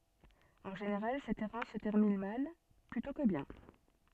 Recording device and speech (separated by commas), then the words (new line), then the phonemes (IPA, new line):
soft in-ear microphone, read sentence
En général, cette errance se termine mal plutôt que bien.
ɑ̃ ʒeneʁal sɛt ɛʁɑ̃s sə tɛʁmin mal plytɔ̃ kə bjɛ̃